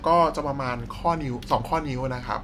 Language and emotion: Thai, neutral